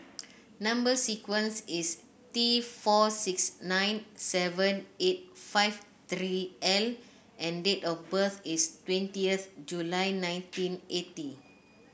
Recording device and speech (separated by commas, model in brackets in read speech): boundary microphone (BM630), read sentence